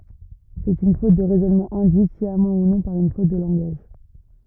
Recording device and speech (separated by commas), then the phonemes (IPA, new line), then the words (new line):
rigid in-ear microphone, read sentence
sɛt yn fot də ʁɛzɔnmɑ̃ ɛ̃dyit sjamɑ̃ u nɔ̃ paʁ yn fot də lɑ̃ɡaʒ
C'est une faute de raisonnement induite, sciemment ou non, par une faute de langage.